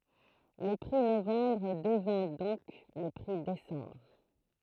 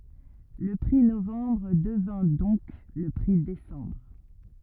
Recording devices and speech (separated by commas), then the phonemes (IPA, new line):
throat microphone, rigid in-ear microphone, read sentence
lə pʁi novɑ̃bʁ dəvɛ̃ dɔ̃k lə pʁi desɑ̃bʁ